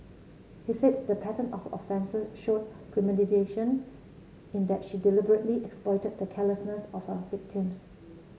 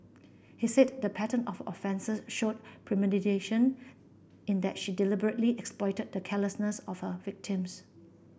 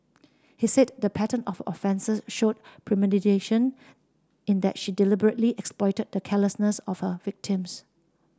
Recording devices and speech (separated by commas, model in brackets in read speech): mobile phone (Samsung C7), boundary microphone (BM630), standing microphone (AKG C214), read sentence